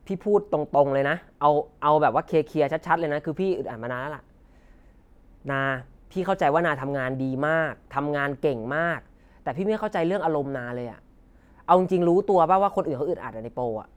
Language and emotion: Thai, frustrated